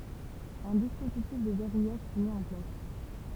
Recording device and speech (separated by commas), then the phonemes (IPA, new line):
temple vibration pickup, read sentence
œ̃ dispozitif də vɛʁujaʒ fy mi ɑ̃ plas